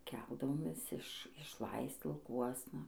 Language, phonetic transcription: Lithuanian, ˈkeldavomės iš išˈlaisc lauˈkuosna

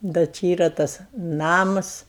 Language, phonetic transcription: Lithuanian, da ˈči ˈyra ˈtas ˈnamas

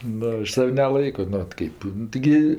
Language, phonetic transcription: Lithuanian, ˈnu ˈaš ˈsav' neˈlaiko nu ˈot ˈkaip nu tiˈgi

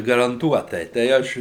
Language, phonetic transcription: Lithuanian, garanˈtuotai tai ˈaš

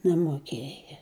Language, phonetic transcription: Lithuanian, nemoˈkėja

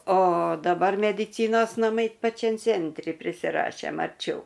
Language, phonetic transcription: Lithuanian, o daˈbar mediˈcynos naˈmai paˈčiam ˈcentri prisiˈrašėm arˈčiau

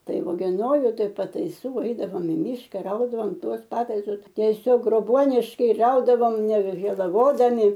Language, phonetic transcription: Lithuanian, ˈtai ogeˈnoju ˈtai pataiˈsų ˈeidavom i ˈmyška ˈraudavom ˈtuos ˈpataisus ˈtesiog groˈbuoniškai ˈraudavom nevežėlaˈvodami

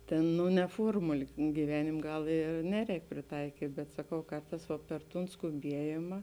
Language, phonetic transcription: Lithuanian, ˈtėn ˈnu ne ˈfuormuli gyˈvenimė ˈgal ir ˈneˌrēk priˈtaikyt' bet saˈkau ˈkarˌtās va per ˈtūn skuˈbiejima

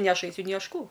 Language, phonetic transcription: Lithuanian, ni ˈaš ˈaisiu ni ˈaš ˈkų

